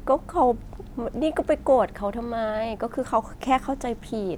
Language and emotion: Thai, frustrated